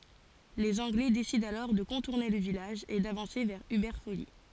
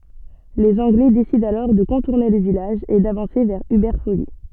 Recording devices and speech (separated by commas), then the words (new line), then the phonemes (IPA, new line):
forehead accelerometer, soft in-ear microphone, read sentence
Les Anglais décident alors de contourner le village et d’avancer vers Hubert-Folie.
lez ɑ̃ɡlɛ desidɑ̃ alɔʁ də kɔ̃tuʁne lə vilaʒ e davɑ̃se vɛʁ ybɛʁ foli